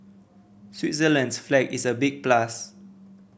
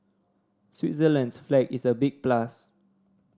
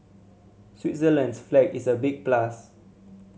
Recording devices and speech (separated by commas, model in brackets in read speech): boundary microphone (BM630), standing microphone (AKG C214), mobile phone (Samsung C7100), read sentence